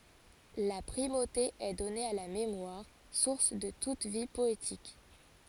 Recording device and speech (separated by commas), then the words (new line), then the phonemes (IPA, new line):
forehead accelerometer, read sentence
La primauté est donnée à la mémoire, source de toute vie poétique.
la pʁimote ɛ dɔne a la memwaʁ suʁs də tut vi pɔetik